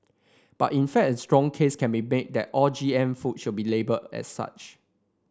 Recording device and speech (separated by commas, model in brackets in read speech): standing microphone (AKG C214), read sentence